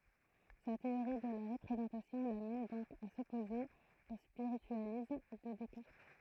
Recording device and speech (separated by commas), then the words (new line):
throat microphone, read sentence
Sa théorie de la représentation l'amène donc à s'opposer au spiritualisme de Descartes.